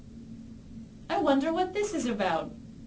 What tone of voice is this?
happy